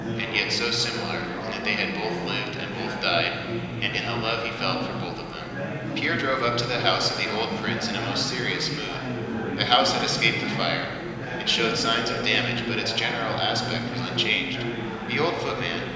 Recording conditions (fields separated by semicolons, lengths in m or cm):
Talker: one person; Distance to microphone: 1.7 m; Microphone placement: close; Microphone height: 1.0 m; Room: very reverberant, large; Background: babble